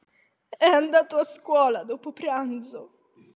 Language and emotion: Italian, sad